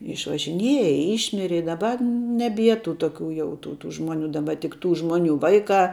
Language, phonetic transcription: Lithuanian, išvažiˈnieja ˈyšmiri i daˈba neˈbie tų ˈtokių jau ˈtų tų ˈžmoˌnių daˈba tik ˈtų ˈžmoˌnių ˈvaiˌkā

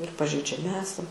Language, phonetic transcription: Lithuanian, ir pažeidžiaˈmi ˈesam

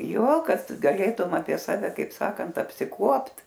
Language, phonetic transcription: Lithuanian, ˈjo ˈkad gaˈlėtum apie ˈsave ˈkaip ˈsakant apsiˈkuopt

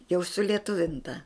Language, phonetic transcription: Lithuanian, jau sulieˈtuvinta

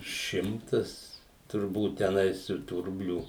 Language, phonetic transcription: Lithuanian, ˈšimtas turˈbūt teˈnais ir tų ˈrublių

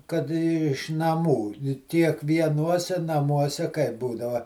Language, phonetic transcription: Lithuanian, kad iš naˈmų kiekvieˈnuose naˈmuose kaip ˈbūdava

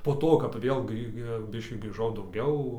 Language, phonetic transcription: Lithuanian, po ˈto kap ˈvėl ˈgrį ˈbiškį grįˈžau dauˈgiau

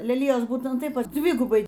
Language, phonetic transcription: Lithuanian, leˈlijos ˈbūtent ˈtaip ˈdvigubai

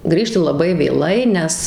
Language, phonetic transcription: Lithuanian, ˈgrįžti laˈbai vėˈlai ˈnes

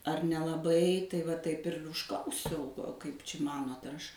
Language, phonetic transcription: Lithuanian, ar nelaˈbai tai va ˈtaip ir užˈklausiau ˈkaip či ˈmanot ar ˈaš

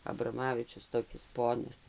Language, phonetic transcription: Lithuanian, abraˈmavičius toˈkis ˈponas

